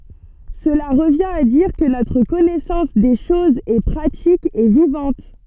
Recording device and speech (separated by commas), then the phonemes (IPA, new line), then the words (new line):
soft in-ear microphone, read sentence
səla ʁəvjɛ̃t a diʁ kə notʁ kɔnɛsɑ̃s de ʃozz ɛ pʁatik e vivɑ̃t
Cela revient à dire que notre connaissance des choses est pratique et vivante.